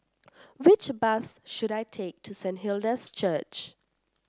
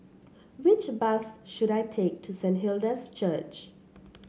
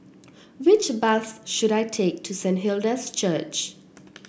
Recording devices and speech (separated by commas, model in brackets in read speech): standing microphone (AKG C214), mobile phone (Samsung C7), boundary microphone (BM630), read sentence